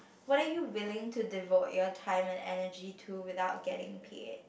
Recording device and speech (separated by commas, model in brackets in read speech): boundary microphone, conversation in the same room